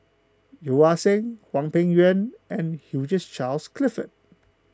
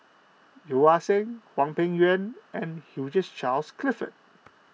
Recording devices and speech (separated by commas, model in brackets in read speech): close-talking microphone (WH20), mobile phone (iPhone 6), read sentence